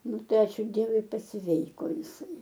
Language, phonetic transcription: Lithuanian, ˈnu ˈtai ˈačiū ˈdievui pasˈveiko jiˈsai

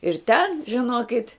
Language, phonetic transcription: Lithuanian, ir ten žiˈnokit'

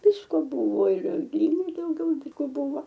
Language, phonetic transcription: Lithuanian, ˈvisko ˈbuvo ir ˈgrybai dauˈgiau dyˈgoˈbuvo

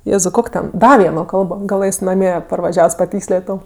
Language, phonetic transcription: Lithuanian, ˈjėzau ˈkok' ten ˈda ˈvieno ˈkalbo gaˈlɘs naˈmie parvaˈžiavs paˈtykslėt' ˈtau

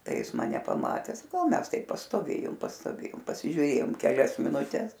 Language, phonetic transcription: Lithuanian, ˈtai ˈjis maˈne paˈmates ˈmes ˈtaip pastoˈvėjum pastoˈvėjum pasižiūˈrėjom keˈlias minuˈtes

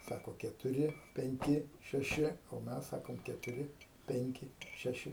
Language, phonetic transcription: Lithuanian, ˈsako ketuˈri penˈki šeˈši o ˈmes ˈsakom ketuˈri ˈpenki ˈšeši

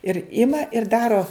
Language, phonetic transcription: Lithuanian, ir ˈima ir ˈdaro

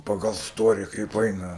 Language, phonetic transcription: Lithuanian, paˈgal ˈstori kaip ˈaina

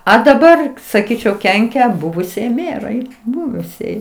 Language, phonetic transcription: Lithuanian, a daˈbar saˈkyčiau ˈkenkia ˈbuvusiej ˈmerai ˈbuvusiej

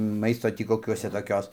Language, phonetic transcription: Lithuanian, ˈmaisto ˈtį koˈkiuose toˈkios

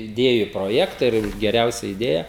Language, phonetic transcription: Lithuanian, iˈdėju proˈjekta ir geˈriausia iˈdėja

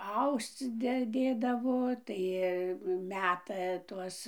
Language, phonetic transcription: Lithuanian, ˈausc ˈde ˈdėdavo ˈtai ˈmeta ˈtuos

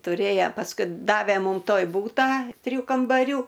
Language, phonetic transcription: Lithuanian, tuˈrėja pasˈkui ˈdave ˈmūm ˈtoj ˈbūtą triˈjų kambaˈrių

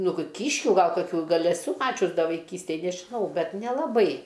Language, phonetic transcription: Lithuanian, ˈnu gi ˈkyškiu ˈgal kaˈkių ˈgal' eˈsu ˈmačius ˈda vaiˈkystėj nežiˈnau ˈbet nelaˈbai

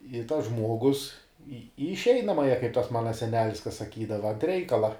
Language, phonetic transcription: Lithuanian, i tas ˈžmuogus į į išˈeinamąja kaip ˈtas ˈmana seˈnelis ka saˈkydava ant ˈreikala

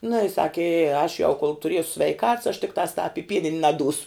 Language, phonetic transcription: Lithuanian, nu i ˈsaki i aš jau kol tuˈriesu sveiˈkats aš tikˈtās tāp i ˈpienin' naˈdūsu

